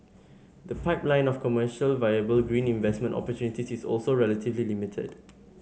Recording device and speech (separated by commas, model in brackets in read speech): mobile phone (Samsung S8), read sentence